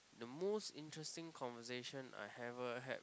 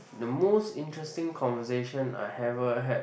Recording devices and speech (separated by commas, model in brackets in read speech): close-talking microphone, boundary microphone, conversation in the same room